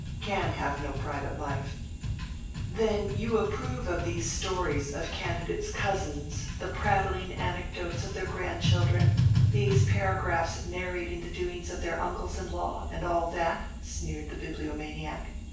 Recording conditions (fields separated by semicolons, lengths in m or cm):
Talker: one person; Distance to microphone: 9.8 m; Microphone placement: far; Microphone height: 1.8 m; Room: large; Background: music